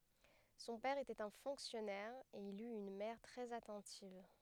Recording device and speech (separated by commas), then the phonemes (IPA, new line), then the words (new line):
headset microphone, read sentence
sɔ̃ pɛʁ etɛt œ̃ fɔ̃ksjɔnɛʁ e il yt yn mɛʁ tʁɛz atɑ̃tiv
Son père était un fonctionnaire et il eut une mère très attentive.